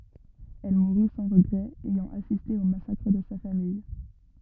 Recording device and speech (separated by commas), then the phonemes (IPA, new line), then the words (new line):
rigid in-ear microphone, read sentence
ɛl muʁy sɑ̃ ʁəɡʁɛz ɛjɑ̃ asiste o masakʁ də sa famij
Elle mourut sans regrets, ayant assisté au massacre de sa famille.